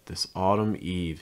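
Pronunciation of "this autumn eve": In 'this autumn eve', the heaviest stress falls on 'eve'.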